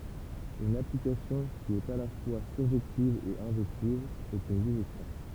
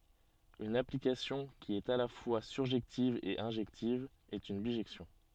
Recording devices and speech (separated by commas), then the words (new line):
temple vibration pickup, soft in-ear microphone, read sentence
Une application qui est à la fois surjective et injective est une bijection.